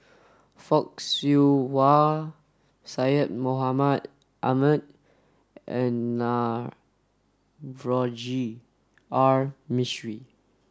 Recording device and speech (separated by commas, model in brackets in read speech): standing microphone (AKG C214), read sentence